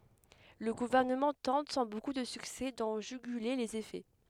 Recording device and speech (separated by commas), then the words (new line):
headset microphone, read sentence
Le gouvernement tente, sans beaucoup de succès, d'en juguler les effets.